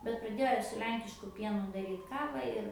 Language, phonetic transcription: Lithuanian, bet praˈdėjo su ˈlenkišku ˈpienu daˈryt ˈkava ir

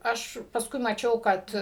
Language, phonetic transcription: Lithuanian, ˈaš pasˈkui maˈčiau ˈkad

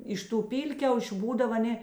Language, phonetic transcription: Lithuanian, ˈiš ˌtų ˈpylkiaušiu ˈbūdav aˈnė

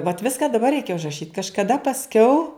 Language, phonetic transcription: Lithuanian, vat ˈviska daˈbar ˈreikia užraˈšyt kažkaˈda pasˈkiau

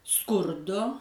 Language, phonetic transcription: Lithuanian, ˈskurdo

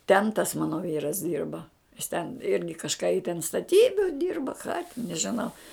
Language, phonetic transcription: Lithuanian, ten tas ˈmano ˈvyras ˈdyrba jis ten ˈirgi kažˈką i ten staˈtybiu dyrba ką tin nežiˈnau

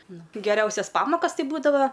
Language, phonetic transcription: Lithuanian, ˈnu geˈriausias ˈpamokas ˈti ˈbūdava

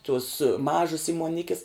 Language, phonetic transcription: Lithuanian, tuos ˈmažas įmuoˈnikis

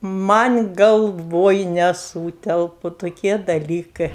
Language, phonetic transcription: Lithuanian, ˈman' galˈvoj neˈsūtelpu toˈkie daˈlykɜ

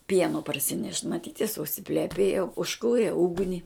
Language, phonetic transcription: Lithuanian, ˈpieno parsiˈnešt maˈtyt jis užsipleˈpėjo užˈkūrė ˈugni

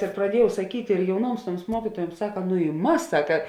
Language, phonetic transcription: Lithuanian, ir praˈdiejau saˈkyt' ir jauˈnuoms ˈtuoms ˈmuokytuojuoms ˈsaka nu i ˈmas ˈsaka

